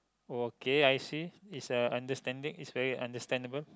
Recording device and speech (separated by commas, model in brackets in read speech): close-talking microphone, conversation in the same room